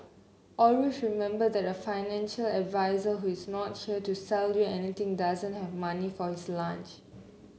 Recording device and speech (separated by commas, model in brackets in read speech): mobile phone (Samsung C9), read sentence